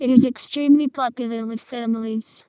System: VC, vocoder